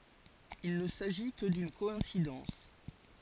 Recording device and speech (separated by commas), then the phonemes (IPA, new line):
forehead accelerometer, read sentence
il nə saʒi kə dyn kɔɛ̃sidɑ̃s